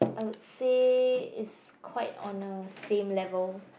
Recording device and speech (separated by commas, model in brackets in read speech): boundary microphone, conversation in the same room